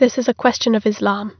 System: none